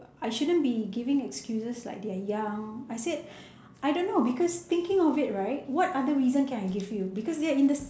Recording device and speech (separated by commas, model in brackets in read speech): standing microphone, conversation in separate rooms